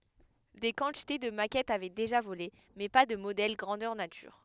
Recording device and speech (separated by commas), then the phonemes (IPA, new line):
headset microphone, read sentence
de kɑ̃tite də makɛtz avɛ deʒa vole mɛ pa də modɛl ɡʁɑ̃dœʁ natyʁ